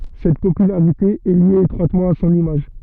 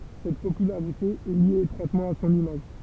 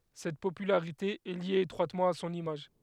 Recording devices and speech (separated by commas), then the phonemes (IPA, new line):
soft in-ear microphone, temple vibration pickup, headset microphone, read sentence
sɛt popylaʁite ɛ lje etʁwatmɑ̃ a sɔ̃n imaʒ